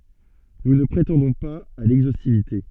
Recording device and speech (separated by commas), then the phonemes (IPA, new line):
soft in-ear microphone, read sentence
nu nə pʁetɑ̃dɔ̃ paz a lɛɡzostivite